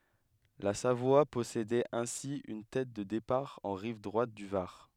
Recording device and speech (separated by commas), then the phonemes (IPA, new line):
headset microphone, read sentence
la savwa pɔsedɛt ɛ̃si yn tɛt də depaʁ ɑ̃ ʁiv dʁwat dy vaʁ